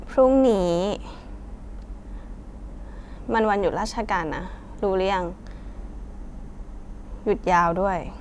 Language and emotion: Thai, frustrated